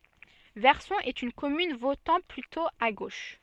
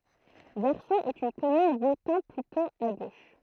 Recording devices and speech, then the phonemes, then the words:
soft in-ear microphone, throat microphone, read sentence
vɛʁsɔ̃ ɛt yn kɔmyn votɑ̃ plytɔ̃ a ɡoʃ
Verson est une commune votant plutôt à gauche.

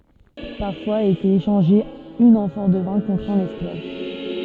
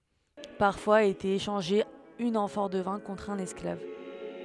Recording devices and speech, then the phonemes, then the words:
soft in-ear microphone, headset microphone, read sentence
paʁfwaz etɛt eʃɑ̃ʒe yn ɑ̃fɔʁ də vɛ̃ kɔ̃tʁ œ̃n ɛsklav
Parfois était échangée une amphore de vin contre un esclave.

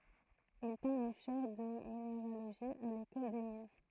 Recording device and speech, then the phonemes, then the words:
throat microphone, read sentence
il tɛ̃t yn ʃɛʁ də mineʁaloʒi a lekɔl de min
Il tint une chaire de minéralogie à l'École des mines.

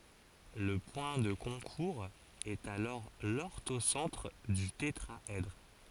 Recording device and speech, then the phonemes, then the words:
forehead accelerometer, read sentence
lə pwɛ̃ də kɔ̃kuʁz ɛt alɔʁ lɔʁtosɑ̃tʁ dy tetʁaɛdʁ
Le point de concours est alors l'orthocentre du tétraèdre.

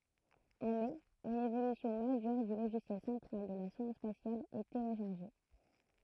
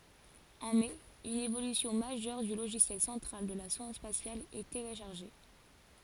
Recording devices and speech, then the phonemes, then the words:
throat microphone, forehead accelerometer, read sentence
ɑ̃ mɛ yn evolysjɔ̃ maʒœʁ dy loʒisjɛl sɑ̃tʁal də la sɔ̃d spasjal ɛ teleʃaʁʒe
En mai une évolution majeure du logiciel central de la sonde spatiale est téléchargée.

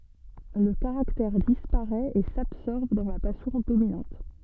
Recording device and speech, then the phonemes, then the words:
soft in-ear microphone, read sentence
lə kaʁaktɛʁ dispaʁɛt e sabsɔʁb dɑ̃ la pasjɔ̃ dominɑ̃t
Le caractère disparaît et s'absorbe dans la passion dominante.

